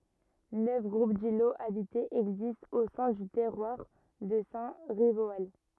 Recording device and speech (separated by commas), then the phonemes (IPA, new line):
rigid in-ear microphone, read sentence
nœf ɡʁup diloz abitez ɛɡzistt o sɛ̃ dy tɛʁwaʁ də sɛ̃ ʁivoal